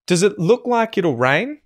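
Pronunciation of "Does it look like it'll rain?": In 'does it look', the t of 'it' becomes a glottal stop before the l sound of 'look'.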